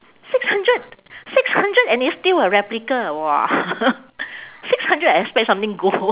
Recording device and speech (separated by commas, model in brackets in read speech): telephone, conversation in separate rooms